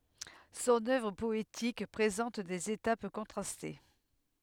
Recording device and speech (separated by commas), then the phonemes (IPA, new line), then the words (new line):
headset microphone, read sentence
sɔ̃n œvʁ pɔetik pʁezɑ̃t dez etap kɔ̃tʁaste
Son œuvre poétique présente des étapes contrastées.